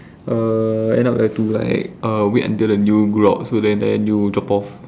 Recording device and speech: standing microphone, conversation in separate rooms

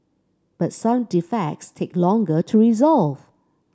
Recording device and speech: standing microphone (AKG C214), read sentence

